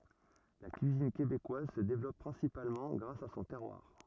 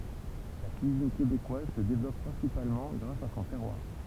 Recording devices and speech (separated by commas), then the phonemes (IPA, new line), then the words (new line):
rigid in-ear microphone, temple vibration pickup, read sentence
la kyizin kebekwaz sə devlɔp pʁɛ̃sipalmɑ̃ ɡʁas a sɔ̃ tɛʁwaʁ
La cuisine québécoise se développe principalement grâce à son terroir.